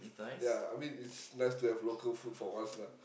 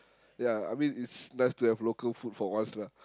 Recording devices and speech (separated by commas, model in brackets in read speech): boundary microphone, close-talking microphone, conversation in the same room